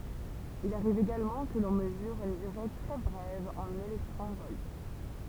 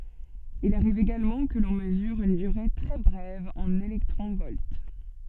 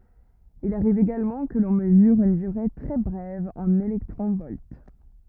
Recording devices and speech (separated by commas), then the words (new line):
temple vibration pickup, soft in-ear microphone, rigid in-ear microphone, read sentence
Il arrive également que l'on mesure une durée très brève en électrons-volts.